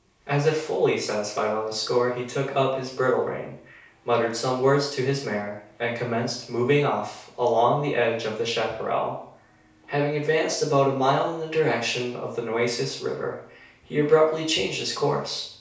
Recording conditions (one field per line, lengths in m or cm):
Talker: one person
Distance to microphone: 3.0 m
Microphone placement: far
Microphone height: 1.8 m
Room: small (3.7 m by 2.7 m)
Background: none